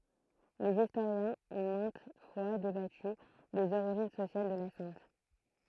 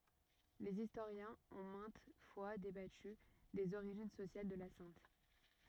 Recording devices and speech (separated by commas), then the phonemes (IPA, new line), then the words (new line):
throat microphone, rigid in-ear microphone, read sentence
lez istoʁjɛ̃z ɔ̃ mɛ̃t fwa debaty dez oʁiʒin sosjal də la sɛ̃t
Les historiens ont maintes fois débattu des origines sociales de la sainte.